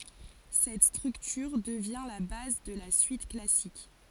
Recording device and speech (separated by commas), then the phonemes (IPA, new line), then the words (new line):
forehead accelerometer, read sentence
sɛt stʁyktyʁ dəvjɛ̃ la baz də la syit klasik
Cette structure devient la base de la suite classique.